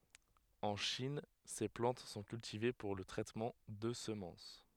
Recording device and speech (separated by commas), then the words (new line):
headset microphone, read sentence
En Chine, ces plantes sont cultivées pour le traitement de semences.